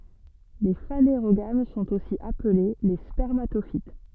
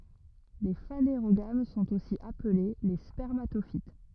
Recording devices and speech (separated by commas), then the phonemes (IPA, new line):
soft in-ear microphone, rigid in-ear microphone, read sentence
le faneʁoɡam sɔ̃t osi aple le spɛʁmatofit